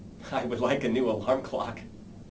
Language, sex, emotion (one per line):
English
male
happy